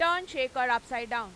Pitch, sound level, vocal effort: 250 Hz, 104 dB SPL, very loud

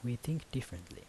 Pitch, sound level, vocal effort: 120 Hz, 76 dB SPL, soft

